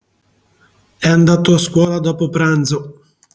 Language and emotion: Italian, neutral